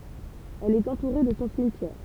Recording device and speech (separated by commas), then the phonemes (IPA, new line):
temple vibration pickup, read sentence
ɛl ɛt ɑ̃tuʁe də sɔ̃ simtjɛʁ